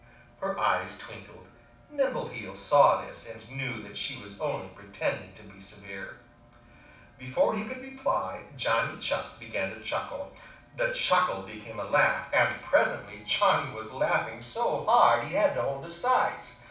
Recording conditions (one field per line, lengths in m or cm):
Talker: one person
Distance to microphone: 5.8 m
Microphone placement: far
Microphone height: 1.8 m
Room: medium-sized (5.7 m by 4.0 m)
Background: television